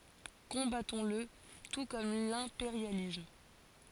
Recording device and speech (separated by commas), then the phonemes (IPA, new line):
forehead accelerometer, read sentence
kɔ̃batɔ̃sl tu kɔm lɛ̃peʁjalism